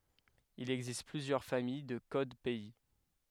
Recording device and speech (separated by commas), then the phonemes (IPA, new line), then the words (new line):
headset microphone, read sentence
il ɛɡzist plyzjœʁ famij də kod pɛi
Il existe plusieurs familles de codes pays.